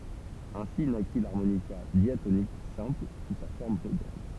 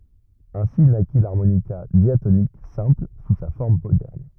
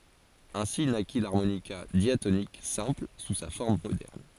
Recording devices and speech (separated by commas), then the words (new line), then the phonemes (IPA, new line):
temple vibration pickup, rigid in-ear microphone, forehead accelerometer, read sentence
Ainsi naquit l'harmonica diatonique simple sous sa forme moderne.
ɛ̃si naki laʁmonika djatonik sɛ̃pl su sa fɔʁm modɛʁn